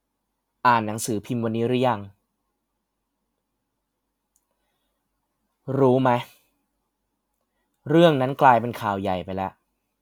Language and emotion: Thai, frustrated